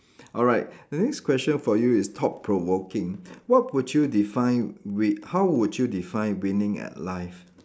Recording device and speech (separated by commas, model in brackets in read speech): standing microphone, conversation in separate rooms